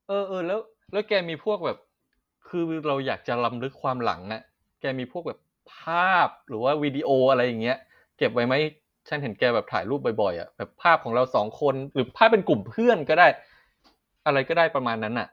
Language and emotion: Thai, neutral